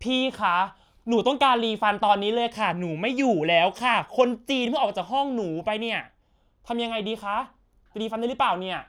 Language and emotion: Thai, angry